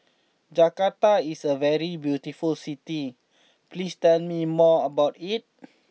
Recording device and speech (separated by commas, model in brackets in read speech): mobile phone (iPhone 6), read sentence